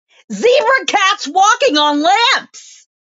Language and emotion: English, fearful